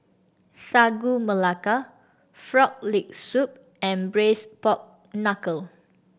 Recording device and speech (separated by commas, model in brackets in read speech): boundary microphone (BM630), read sentence